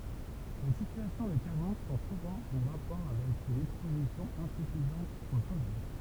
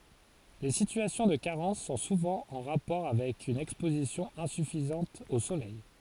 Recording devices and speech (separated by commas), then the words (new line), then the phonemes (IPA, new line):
temple vibration pickup, forehead accelerometer, read sentence
Les situations de carence sont souvent en rapport avec une exposition insuffisante au soleil.
le sityasjɔ̃ də kaʁɑ̃s sɔ̃ suvɑ̃ ɑ̃ ʁapɔʁ avɛk yn ɛkspozisjɔ̃ ɛ̃syfizɑ̃t o solɛj